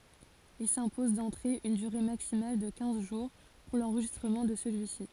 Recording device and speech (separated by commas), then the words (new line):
forehead accelerometer, read sentence
Ils s'imposent d'entrée une durée maximale de quinze jours pour l'enregistrement de celui-ci.